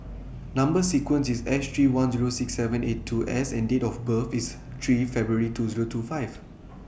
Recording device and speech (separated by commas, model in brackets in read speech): boundary microphone (BM630), read sentence